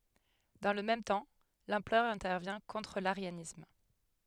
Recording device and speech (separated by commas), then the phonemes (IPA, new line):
headset microphone, read sentence
dɑ̃ lə mɛm tɑ̃ lɑ̃pʁœʁ ɛ̃tɛʁvjɛ̃ kɔ̃tʁ laʁjanism